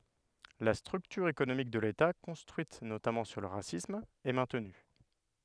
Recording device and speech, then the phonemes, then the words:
headset microphone, read sentence
la stʁyktyʁ ekonomik də leta kɔ̃stʁyit notamɑ̃ syʁ lə ʁasism ɛ mɛ̃tny
La structure économique de l’État, construite notamment sur le racisme, est maintenue.

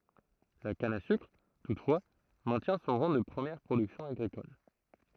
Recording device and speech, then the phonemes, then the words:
throat microphone, read sentence
la kan a sykʁ tutfwa mɛ̃tjɛ̃ sɔ̃ ʁɑ̃ də pʁəmjɛʁ pʁodyksjɔ̃ aɡʁikɔl
La canne à sucre, toutefois, maintient son rang de première production agricole.

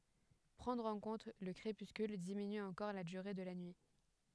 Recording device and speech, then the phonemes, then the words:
headset microphone, read sentence
pʁɑ̃dʁ ɑ̃ kɔ̃t lə kʁepyskyl diminy ɑ̃kɔʁ la dyʁe də la nyi
Prendre en compte le crépuscule diminue encore la durée de la nuit.

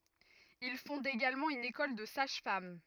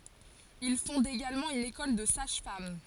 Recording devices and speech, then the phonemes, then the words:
rigid in-ear microphone, forehead accelerometer, read sentence
il fɔ̃d eɡalmɑ̃ yn ekɔl də saʒ fam
Il fonde également une école de sages-femmes.

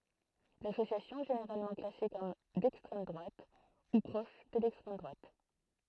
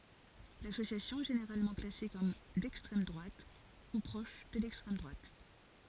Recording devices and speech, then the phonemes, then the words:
throat microphone, forehead accelerometer, read sentence
lasosjasjɔ̃ ɛ ʒeneʁalmɑ̃ klase kɔm dɛkstʁɛm dʁwat u pʁɔʃ də lɛkstʁɛm dʁwat
L'association est généralement classée comme d'extrême droite ou proche de l'extrême droite.

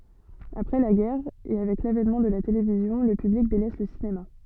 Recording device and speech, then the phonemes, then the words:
soft in-ear microphone, read sentence
apʁɛ la ɡɛʁ e avɛk lavɛnmɑ̃ də la televizjɔ̃ lə pyblik delɛs lə sinema
Après la guerre, et avec l'avènement de la télévision, le public délaisse le cinéma.

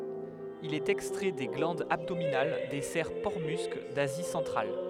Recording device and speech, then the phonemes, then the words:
headset microphone, read sentence
il ɛt ɛkstʁɛ de ɡlɑ̃dz abdominal de sɛʁ pɔʁtəmysk dazi sɑ̃tʁal
Il est extrait des glandes abdominales des cerfs porte-musc d'Asie centrale.

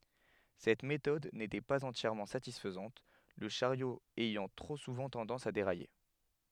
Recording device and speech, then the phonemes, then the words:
headset microphone, read sentence
sɛt metɔd netɛ paz ɑ̃tjɛʁmɑ̃ satisfəzɑ̃t lə ʃaʁjo ɛjɑ̃ tʁo suvɑ̃ tɑ̃dɑ̃s a deʁaje
Cette méthode n'était pas entièrement satisfaisante, le chariot ayant trop souvent tendance à dérailler.

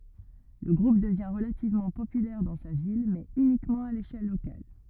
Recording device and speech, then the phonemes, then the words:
rigid in-ear microphone, read sentence
lə ɡʁup dəvjɛ̃ ʁəlativmɑ̃ popylɛʁ dɑ̃ sa vil mɛz ynikmɑ̃ a leʃɛl lokal
Le groupe devient relativement populaire dans sa ville, mais uniquement à l'échelle locale.

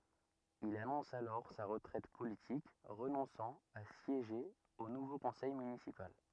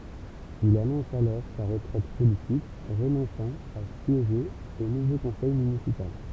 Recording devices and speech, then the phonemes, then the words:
rigid in-ear microphone, temple vibration pickup, read sentence
il anɔ̃s alɔʁ sa ʁətʁɛt politik ʁənɔ̃sɑ̃ a sjeʒe o nuvo kɔ̃sɛj mynisipal
Il annonce alors sa retraite politique, renonçant à siéger au nouveau conseil municipal.

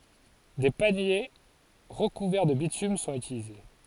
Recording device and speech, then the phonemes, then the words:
forehead accelerometer, read sentence
de panje ʁəkuvɛʁ də bitym sɔ̃t ytilize
Des paniers recouverts de bitume sont utilisés.

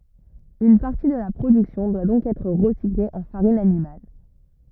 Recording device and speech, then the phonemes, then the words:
rigid in-ear microphone, read sentence
yn paʁti də la pʁodyksjɔ̃ dwa dɔ̃k ɛtʁ ʁəsikle ɑ̃ faʁin animal
Une partie de la production doit donc être recyclée en farine animale.

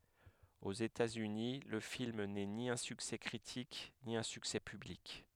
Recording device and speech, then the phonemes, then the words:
headset microphone, read sentence
oz etatsyni lə film nɛ ni œ̃ syksɛ kʁitik ni œ̃ syksɛ pyblik
Aux États-Unis, le film n’est ni un succès critique, ni un succès public.

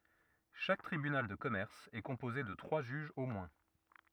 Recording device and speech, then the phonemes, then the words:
rigid in-ear microphone, read sentence
ʃak tʁibynal də kɔmɛʁs ɛ kɔ̃poze də tʁwa ʒyʒz o mwɛ̃
Chaque tribunal de commerce est composé de trois juges au moins.

